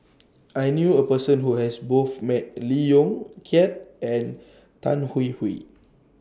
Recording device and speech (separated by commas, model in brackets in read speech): standing microphone (AKG C214), read sentence